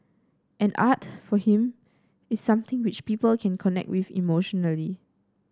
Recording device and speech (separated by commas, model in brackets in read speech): standing microphone (AKG C214), read sentence